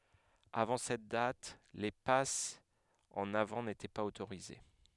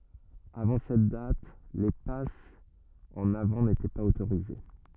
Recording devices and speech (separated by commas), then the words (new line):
headset microphone, rigid in-ear microphone, read sentence
Avant cette date, les passes en avant n'étaient pas autorisées.